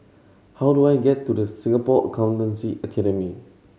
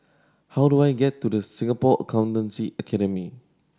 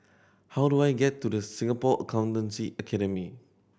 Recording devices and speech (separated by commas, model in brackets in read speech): mobile phone (Samsung C7100), standing microphone (AKG C214), boundary microphone (BM630), read sentence